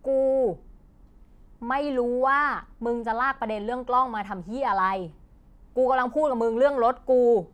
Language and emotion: Thai, angry